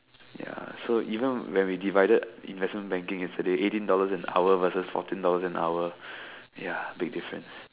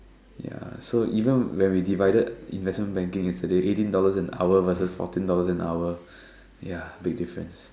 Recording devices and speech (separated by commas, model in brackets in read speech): telephone, standing microphone, conversation in separate rooms